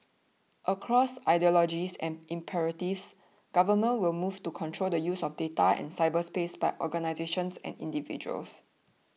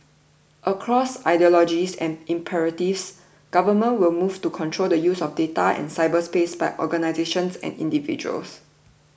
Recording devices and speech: mobile phone (iPhone 6), boundary microphone (BM630), read sentence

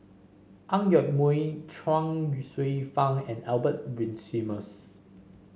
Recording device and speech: mobile phone (Samsung C5), read sentence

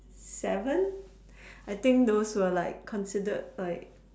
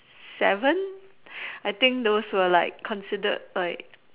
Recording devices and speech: standing microphone, telephone, conversation in separate rooms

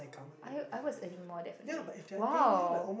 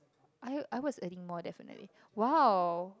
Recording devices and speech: boundary microphone, close-talking microphone, conversation in the same room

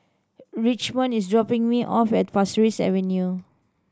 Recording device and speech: standing microphone (AKG C214), read sentence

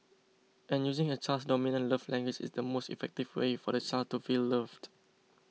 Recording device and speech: mobile phone (iPhone 6), read sentence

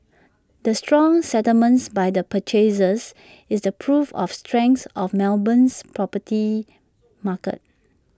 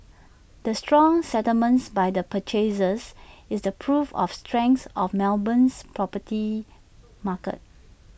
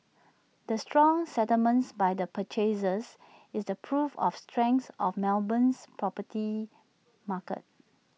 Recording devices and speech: standing microphone (AKG C214), boundary microphone (BM630), mobile phone (iPhone 6), read sentence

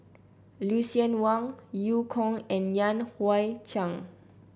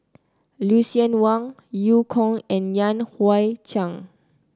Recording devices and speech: boundary microphone (BM630), close-talking microphone (WH30), read sentence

